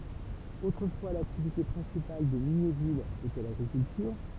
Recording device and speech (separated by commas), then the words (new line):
temple vibration pickup, read sentence
Autrefois l'activité principale de Mignéville était l'agriculture.